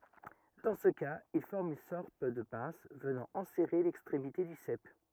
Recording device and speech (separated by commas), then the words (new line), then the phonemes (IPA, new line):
rigid in-ear microphone, read sentence
Dans ce cas, il forme une sorte de pince venant enserrer l'extrémité du sep.
dɑ̃ sə kaz il fɔʁm yn sɔʁt də pɛ̃s vənɑ̃ ɑ̃sɛʁe lɛkstʁemite dy sɛp